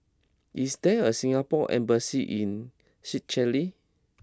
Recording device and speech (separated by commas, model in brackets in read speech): close-talking microphone (WH20), read sentence